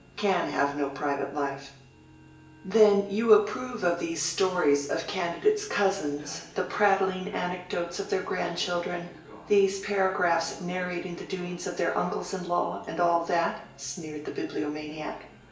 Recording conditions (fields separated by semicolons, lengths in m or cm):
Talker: one person; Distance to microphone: 1.8 m; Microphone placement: close; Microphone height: 1.0 m; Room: large; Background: television